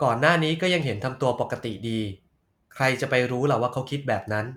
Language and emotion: Thai, neutral